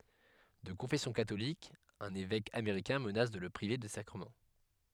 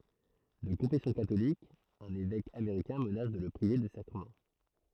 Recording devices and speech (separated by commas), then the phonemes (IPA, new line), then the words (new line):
headset microphone, throat microphone, read sentence
də kɔ̃fɛsjɔ̃ katolik œ̃n evɛk ameʁikɛ̃ mənas də lə pʁive de sakʁəmɑ̃
De confession catholique, un évêque américain menace de le priver des sacrements.